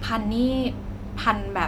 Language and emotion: Thai, neutral